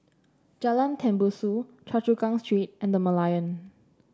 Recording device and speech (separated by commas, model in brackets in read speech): standing microphone (AKG C214), read sentence